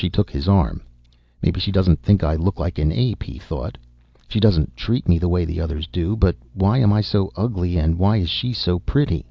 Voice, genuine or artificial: genuine